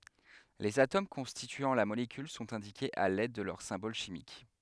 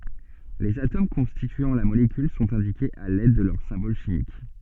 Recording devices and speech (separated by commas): headset microphone, soft in-ear microphone, read sentence